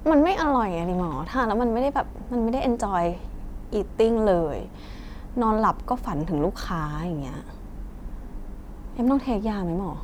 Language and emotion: Thai, frustrated